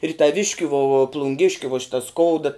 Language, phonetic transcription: Lithuanian, ir taˈviškiu vo u plunˈgiškiu vo ˈšita ˈskouda

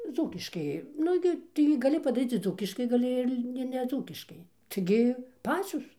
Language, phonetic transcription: Lithuanian, ˈdzūkiškai ˈnu gi taigi gaˈli padaˈryc ir ˈdzūkiškai gaˈli ir li ir neˈdzūkiškai taigi ˈpacios

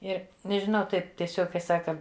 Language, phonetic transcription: Lithuanian, ˈir nežiˈnau ˈtaip tieˈsiog kai ˈsaka

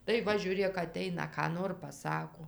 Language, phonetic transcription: Lithuanian, tai ˈva žiūˈrėk aˈteina ką ˈnor paˈsako

